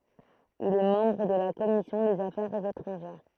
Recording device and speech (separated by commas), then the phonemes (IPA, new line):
throat microphone, read sentence
il ɛ mɑ̃bʁ də la kɔmisjɔ̃ dez afɛʁz etʁɑ̃ʒɛʁ